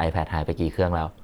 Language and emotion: Thai, neutral